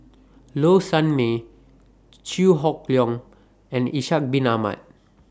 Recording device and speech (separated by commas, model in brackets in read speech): standing microphone (AKG C214), read sentence